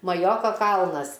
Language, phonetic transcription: Lithuanian, maˈjoko ˈkalnas

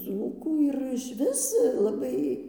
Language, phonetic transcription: Lithuanian, ˈdzūkų ir išˈvis laˈbai

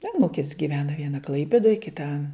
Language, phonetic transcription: Lithuanian, aˈnūkis giˈvena ˈviena ˈklaipėdoj kiˈta

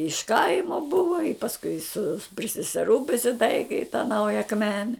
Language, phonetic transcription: Lithuanian, iš ˈkaimo ˈbuvo i pasˈkui su pri seseˈrų prisiˈtaiki i ta ˈnauja akˈmene

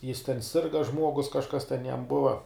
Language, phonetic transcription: Lithuanian, jis ten ˈsirga ˈžmuogus kažˈkas ten jam ˈbuva

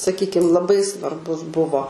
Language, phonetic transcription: Lithuanian, saˈkykim laˈbai svarˈbus ˈbuvo

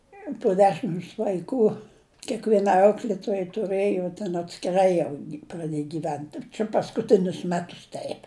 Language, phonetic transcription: Lithuanian, po ˈdešims vaiˈkų kėkvieˈnai ˈauklėtojai tuˈrɘjo ten atskiˈrai jau praˈdėj gyˈvent čia paskuˈtinius ˈmetus ˈteip

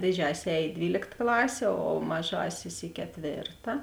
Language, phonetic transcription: Lithuanian, dėˈdžiasis ˈēj i ˈdvylėkt ˈklasė o ˈmaˌžasis i keˈtvėrta

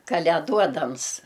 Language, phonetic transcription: Lithuanian, kaleˈduodams

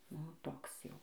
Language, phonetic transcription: Lithuanian, ˈnu ˈtoks ˈjau

